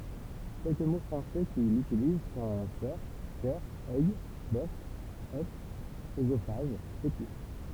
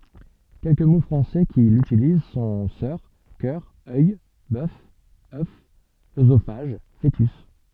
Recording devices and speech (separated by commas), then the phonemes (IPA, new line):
temple vibration pickup, soft in-ear microphone, read sentence
kɛlkə mo fʁɑ̃sɛ ki lytiliz sɔ̃ sœʁ kœʁ œj bœf œf øzofaʒ foətys